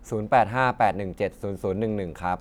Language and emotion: Thai, neutral